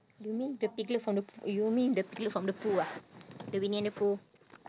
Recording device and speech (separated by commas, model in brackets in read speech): standing microphone, conversation in separate rooms